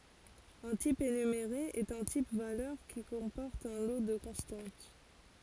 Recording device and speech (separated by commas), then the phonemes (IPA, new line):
forehead accelerometer, read sentence
œ̃ tip enymeʁe ɛt œ̃ tip valœʁ ki kɔ̃pɔʁt œ̃ lo də kɔ̃stɑ̃t